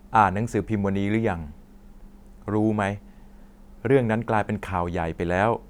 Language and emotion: Thai, neutral